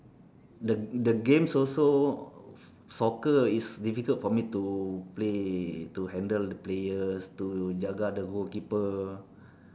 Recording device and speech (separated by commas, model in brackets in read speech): standing microphone, conversation in separate rooms